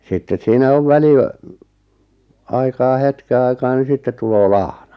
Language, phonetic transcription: Finnish, 'sittes siinä 'ov 'väli- , aikaa 'hetke aikaa ni 'sittet tuloo "lahna .
- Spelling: sitten siinä on - väliaikaa hetken aikaa niin sitten tulee lahna

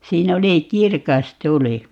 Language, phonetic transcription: Finnish, 'siin ‿oli "kirkas 'tuli .
- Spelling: siinä oli kirkas tuli

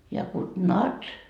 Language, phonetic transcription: Finnish, ja kud "nat .
- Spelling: ja god natt

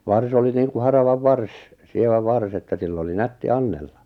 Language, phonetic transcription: Finnish, 'vars ‿oli niiŋku 'haravav "vars , 'sievä 'vars ‿että 'sill ‿oli "nätti "annella .
- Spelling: varsi oli niin kuin haravan varsi sievä varsi että sillä oli nätti annella

